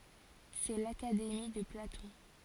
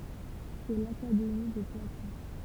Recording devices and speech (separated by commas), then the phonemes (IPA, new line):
forehead accelerometer, temple vibration pickup, read sentence
sɛ lakademi də platɔ̃